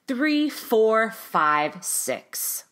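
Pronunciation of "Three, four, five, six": Over 'three, four, five, six', the voice goes down in pitch in four steps. This signals that the number is finished.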